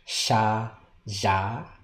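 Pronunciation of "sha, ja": Two sounds are said: first 'sha', with the unvoiced sound heard in 'ship', then 'ja', with the voiced sound heard in 'vision'.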